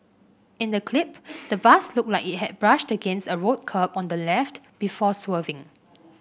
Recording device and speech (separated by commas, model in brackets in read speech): boundary microphone (BM630), read sentence